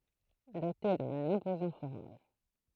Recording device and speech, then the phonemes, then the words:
throat microphone, read sentence
dote dœ̃n ɛ̃pozɑ̃ foʁɔm
Dotée d'un imposant forum.

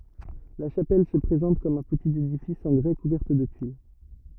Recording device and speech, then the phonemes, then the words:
rigid in-ear microphone, read sentence
la ʃapɛl sə pʁezɑ̃t kɔm œ̃ pətit edifis ɑ̃ ɡʁɛ kuvɛʁt də tyil
La chapelle se présente comme un petit édifice en grès couverte de tuiles.

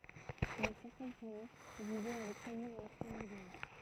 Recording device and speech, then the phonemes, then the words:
throat microphone, read sentence
mɛ sɛʁtɛn famij vivɛ avɛk sølmɑ̃ œ̃n ɛktaʁ e dəmi
Mais certaines familles vivaient avec seulement un hectare et demi.

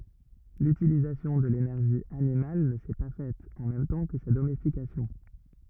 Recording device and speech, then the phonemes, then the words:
rigid in-ear microphone, read sentence
lytilizasjɔ̃ də lenɛʁʒi animal nə sɛ pa fɛt ɑ̃ mɛm tɑ̃ kə sa domɛstikasjɔ̃
L'utilisation de l'énergie animale ne s'est pas faite en même temps que sa domestication.

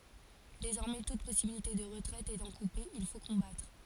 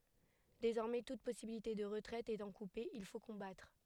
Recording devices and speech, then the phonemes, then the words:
forehead accelerometer, headset microphone, read sentence
dezɔʁmɛ tut pɔsibilite də ʁətʁɛt etɑ̃ kupe il fo kɔ̃batʁ
Désormais toute possibilité de retraite étant coupée, il faut combattre.

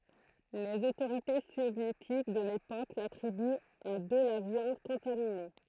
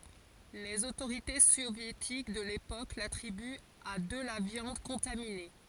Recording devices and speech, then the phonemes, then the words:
throat microphone, forehead accelerometer, read sentence
lez otoʁite sovjetik də lepok latʁibyt a də la vjɑ̃d kɔ̃tamine
Les autorités soviétiques de l'époque l'attribuent à de la viande contaminée.

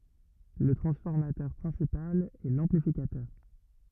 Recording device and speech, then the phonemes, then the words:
rigid in-ear microphone, read sentence
lə tʁɑ̃sfɔʁmatœʁ pʁɛ̃sipal ɛ lɑ̃plifikatœʁ
Le transformateur principal est l'amplificateur.

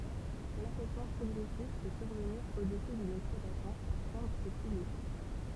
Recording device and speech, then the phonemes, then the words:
temple vibration pickup, read sentence
lafɛsmɑ̃ pʁɔɡʁɛsif pø syʁvəniʁ o dəsy dyn ɛksplwatasjɔ̃ paʁ ʃɑ̃bʁz e pilje
L'affaissement progressif peut survenir au-dessus d'une exploitation par chambres et piliers.

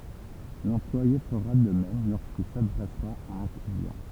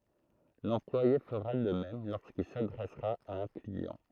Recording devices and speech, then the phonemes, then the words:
temple vibration pickup, throat microphone, read sentence
lɑ̃plwaje fəʁa də mɛm loʁskil sadʁɛsʁa a œ̃ kliɑ̃
L'employé fera de même lorsqu'il s'adressera à un client.

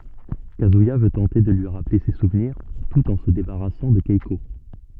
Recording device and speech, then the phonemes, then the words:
soft in-ear microphone, read sentence
kazyija vø tɑ̃te də lyi ʁaple se suvniʁ tut ɑ̃ sə debaʁasɑ̃ də kɛko
Kazuya veut tenter de lui rappeler ses souvenirs, tout en se débarrassant de Keiko.

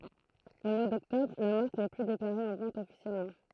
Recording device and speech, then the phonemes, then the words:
throat microphone, read sentence
o mwa dɔktɔbʁ la maʁk nɛ ply deklaʁe ɑ̃ vɑ̃t ɔfisjɛlmɑ̃
Au mois d'Octobre, la marque n'est plus déclarée en vente officiellement.

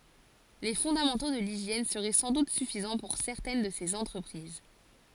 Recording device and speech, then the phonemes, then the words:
forehead accelerometer, read sentence
le fɔ̃damɑ̃to də liʒjɛn səʁɛ sɑ̃ dut syfizɑ̃ puʁ sɛʁtɛn də sez ɑ̃tʁəpʁiz
Les fondamentaux de l'hygiène seraient sans doute suffisants pour certaines de ces entreprises.

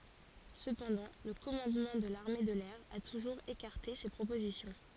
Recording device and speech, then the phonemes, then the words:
forehead accelerometer, read sentence
səpɑ̃dɑ̃ lə kɔmɑ̃dmɑ̃ də laʁme də lɛʁ a tuʒuʁz ekaʁte se pʁopozisjɔ̃
Cependant, le commandement de l'armée de l'air a toujours écarté ces propositions.

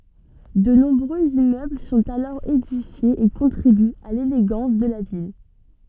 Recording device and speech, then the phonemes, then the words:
soft in-ear microphone, read sentence
də nɔ̃bʁøz immøbl sɔ̃t alɔʁ edifjez e kɔ̃tʁibyt a leleɡɑ̃s də la vil
De nombreux immeubles sont alors édifiés et contribuent à l'élégance de la ville.

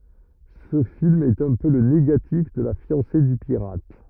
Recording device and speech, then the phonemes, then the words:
rigid in-ear microphone, read sentence
sə film ɛt œ̃ pø lə neɡatif də la fjɑ̃se dy piʁat
Ce film est un peu le négatif de La fiancée du pirate.

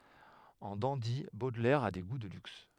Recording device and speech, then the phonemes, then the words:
headset microphone, read sentence
ɑ̃ dɑ̃di bodlɛʁ a de ɡu də lyks
En dandy, Baudelaire a des goûts de luxe.

